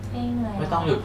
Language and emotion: Thai, neutral